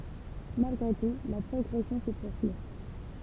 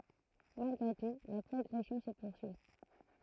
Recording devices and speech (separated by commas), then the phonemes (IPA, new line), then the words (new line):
temple vibration pickup, throat microphone, read sentence
malɡʁe tu la pʁɔɡʁɛsjɔ̃ sə puʁsyi
Malgré tout, la progression se poursuit.